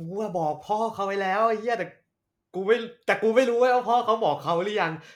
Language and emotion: Thai, happy